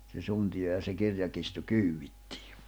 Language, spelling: Finnish, se suntio ja se kirjakirstu kyydittiin
- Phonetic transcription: se 'suntiʲo ja se 'kirjakistu 'kyywwittɪɪ .

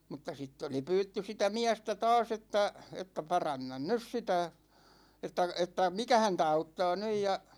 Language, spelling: Finnish, mutta sitten oli pyydetty sitä miestä taas että että paranna nyt sitä että että mikä häntä auttaa nyt ja
- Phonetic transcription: mutta 'sitt ‿oli 'pyytty 'sitä "miästä 'taas ‿että , että » 'parannan "nys sitä « , 'että , 'että , "mikä häntä 'auttaa 'nyj ja ,.

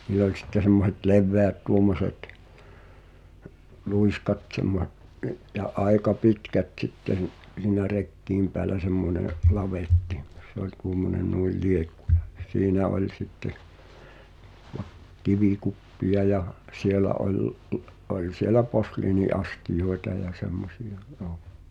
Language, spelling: Finnish, niillä oli sitten semmoiset leveät tuommoiset luiskat - - ja aika pitkät sitten siinä rekien päällä semmoinen lavetti se oli tuommoinen noin liekku ja siinä oli sitten - kivikuppeja ja siellä oli oli siellä posliiniastioita ja semmoisia joo
- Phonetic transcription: 'nil̆l ‿oĺ sitte semmoh̳et "lev̆veät 'tuommoset , 'lùiskat tsemmohe- , ’y- ja 'ài̬ka "pitkät t̳sitten , (s)iinä "rekkiim peälä semmone , 'lavettɪ , se ‿oĺ tuommone 'nuil "liekku ᴊᴀ , "siinä oĺ sitte , ᴠᴀ- , 'kivikuppi₍a ja , "sielä oĺ , '’oĺ sielä "posliini’astijoeta ja 'semmosi₍a , ʲoo .

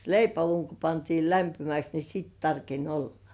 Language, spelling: Finnish, leipäuuni kun pantiin lämpimäksi niin sitten tarkeni olla
- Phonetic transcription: leipä₍uuŋ ko pantiil 'lämpimäks ni 'siit tarkeń 'ollᴀ .

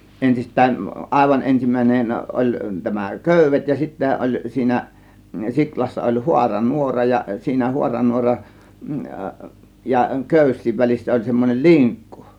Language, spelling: Finnish, ensistään aivan ensimmäinen oli tämä köydet ja sitten oli siinä siulassa oli - haaranuora ja siinä haaranuoran ja köysien välissä oli semmoinen linkku
- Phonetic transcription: 'ensist̆tään , "ˀàėvan 'ensim̀ä̀inen ˀoĺ tämä "kö̀yv̆vet , ja 'sittä ˀoĺ siinä , 'siklassa oĺ "huara "nuora ja siinä 'huaranuoran , ja "kö̀ys̆siiv 'väl͕issä oĺ semmonel "liŋkkU .

